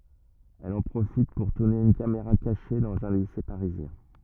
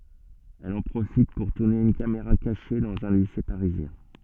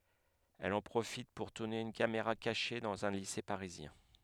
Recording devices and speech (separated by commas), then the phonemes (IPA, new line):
rigid in-ear microphone, soft in-ear microphone, headset microphone, read sentence
ɛl ɑ̃ pʁofit puʁ tuʁne yn kameʁa kaʃe dɑ̃z œ̃ lise paʁizjɛ̃